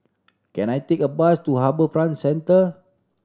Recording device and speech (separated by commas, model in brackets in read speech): standing microphone (AKG C214), read sentence